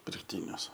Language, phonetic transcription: Lithuanian, pirkˈtynius

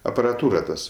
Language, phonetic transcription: Lithuanian, aparaˈtūra ˈtas

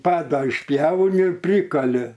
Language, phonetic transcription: Lithuanian, ˈpadą išˈpjauni ir ˈprykali

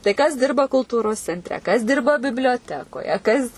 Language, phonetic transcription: Lithuanian, tai kas ˈdirba kulˈtūros centˈre kas ˈdirba biblioˈtekoje ˈkas

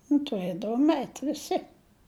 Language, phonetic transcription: Lithuanian, nu tuˈrėdavom eit' viˈsi

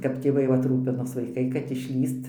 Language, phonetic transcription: Lithuanian, kap tėˈvai ˈvat ˈrūpinos vaiˈkai kad išˈlįst

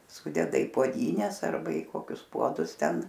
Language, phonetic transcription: Lithuanian, ˈsudeda į puoˈdynes ˈarba i ˈkokius ˈpuodus ˈten

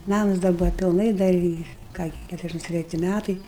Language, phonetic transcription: Lithuanian, ˈnamus dar ˈbuva pilˈnai ˈdar i ˈką gi ˈkæturiasˌdæšims treˈti ˈmætai

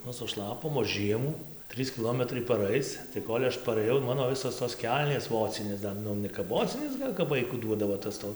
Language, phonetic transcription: Lithuanian, ˈnu suˈšlapom o ˈžiemų ˈtrys kiˈlometrai paˈraic tai ˈkol' aš parɘˈjau ˈmano ˈvisos tos ˈkelnės ˈvocinės ˈdar ˈnu ne kap ˈvocinės ˈgal' kap ˈvaiku ˈduodavo tas ˈto

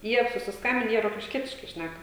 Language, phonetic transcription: Lithuanian, ˈjie susisˈkambin ˈjie rokišˈkietiškai ˈšnæka

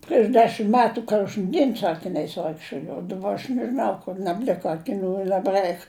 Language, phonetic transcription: Lithuanian, prieš ˈdešim ˈmetu ˈkožn ˈdien su akiˈniais ˈvaikščiojau jau ˈdaˌba aš nežiˈnau kur nabˈlika akiˈnių i nabˈraik

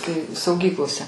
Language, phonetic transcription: Lithuanian, tai sauˈgyklose

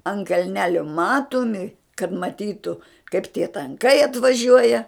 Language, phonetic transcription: Lithuanian, ant kalˈnelio ˈmatomi kad maˈtytu kaip tie tanˈkai atvaˈžiuoja

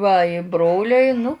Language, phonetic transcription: Lithuanian, ˈva i ˈbroliai ˈnu

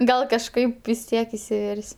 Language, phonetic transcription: Lithuanian, ˈgal kažˈkaip vis ˈtiek isiˈver's'

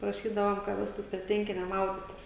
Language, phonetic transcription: Lithuanian, praˈšydavom ka ˈvestųs prie ˈtvenkinia ˈmauditis

